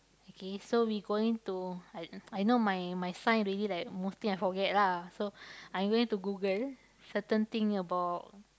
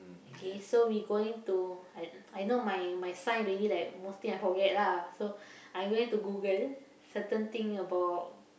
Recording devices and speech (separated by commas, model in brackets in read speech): close-talking microphone, boundary microphone, conversation in the same room